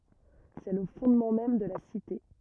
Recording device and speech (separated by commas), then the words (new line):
rigid in-ear microphone, read sentence
C'est le fondement même de la Cité.